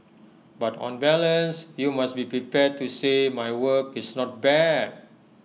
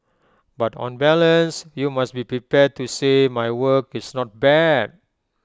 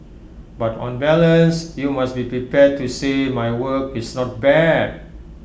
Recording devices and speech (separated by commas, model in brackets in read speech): mobile phone (iPhone 6), close-talking microphone (WH20), boundary microphone (BM630), read sentence